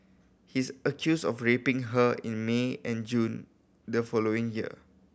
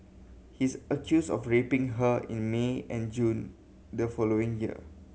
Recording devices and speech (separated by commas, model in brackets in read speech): boundary microphone (BM630), mobile phone (Samsung C7100), read sentence